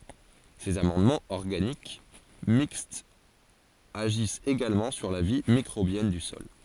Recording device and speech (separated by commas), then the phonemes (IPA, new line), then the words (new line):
forehead accelerometer, read sentence
sez amɑ̃dmɑ̃z ɔʁɡanik mikstz aʒist eɡalmɑ̃ syʁ la vi mikʁobjɛn dy sɔl
Ces amendements organiques mixtes agissent également sur la vie microbienne du sol.